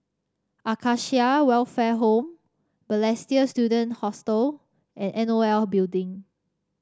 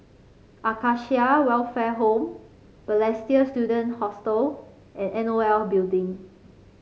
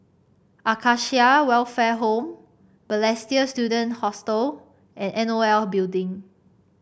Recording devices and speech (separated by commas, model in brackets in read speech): standing microphone (AKG C214), mobile phone (Samsung C5), boundary microphone (BM630), read sentence